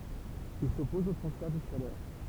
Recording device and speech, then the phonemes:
temple vibration pickup, read sentence
il sɔpɔz o tʁɑ̃sfɛʁ də ʃalœʁ

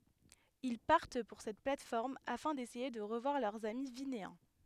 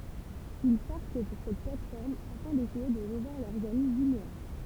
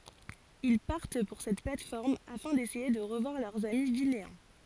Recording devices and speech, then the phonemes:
headset microphone, temple vibration pickup, forehead accelerometer, read sentence
il paʁt puʁ sɛt plat fɔʁm afɛ̃ desɛje də ʁəvwaʁ lœʁz ami vineɛ̃

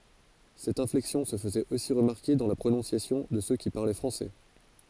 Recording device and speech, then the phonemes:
forehead accelerometer, read sentence
sɛt ɛ̃flɛksjɔ̃ sə fəzɛt osi ʁəmaʁke dɑ̃ la pʁonɔ̃sjasjɔ̃ də sø ki paʁlɛ fʁɑ̃sɛ

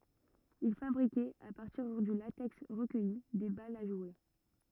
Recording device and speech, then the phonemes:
rigid in-ear microphone, read sentence
il fabʁikɛt a paʁtiʁ dy latɛks ʁəkœji de balz a ʒwe

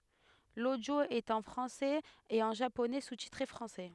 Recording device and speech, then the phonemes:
headset microphone, read sentence
lodjo ɛt ɑ̃ fʁɑ̃sɛz e ɑ̃ ʒaponɛ sustitʁe fʁɑ̃sɛ

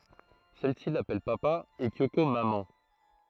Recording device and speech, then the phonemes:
throat microphone, read sentence
sɛl si lapɛl papa e kjoko mamɑ̃

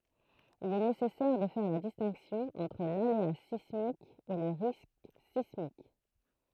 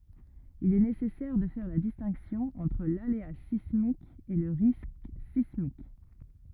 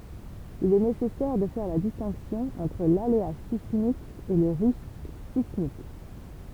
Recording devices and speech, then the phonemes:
throat microphone, rigid in-ear microphone, temple vibration pickup, read sentence
il ɛ nesɛsɛʁ də fɛʁ la distɛ̃ksjɔ̃ ɑ̃tʁ lalea sismik e lə ʁisk sismik

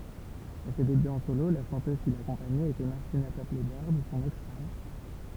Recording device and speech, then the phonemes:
temple vibration pickup, read sentence
a se debyz ɑ̃ solo la ʃɑ̃tøz ki lakɔ̃paɲɛt etɛ maʁtina tɔplɛ bœʁd sɔ̃n ɛks fam

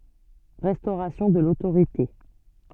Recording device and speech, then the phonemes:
soft in-ear microphone, read sentence
ʁɛstoʁasjɔ̃ də lotoʁite

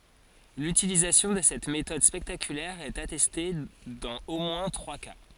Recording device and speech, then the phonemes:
forehead accelerometer, read sentence
lytilizasjɔ̃ də sɛt metɔd spɛktakylɛʁ ɛt atɛste dɑ̃z o mwɛ̃ tʁwa ka

